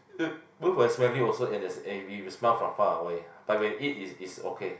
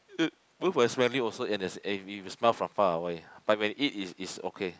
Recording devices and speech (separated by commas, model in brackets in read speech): boundary microphone, close-talking microphone, conversation in the same room